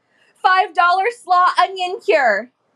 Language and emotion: English, sad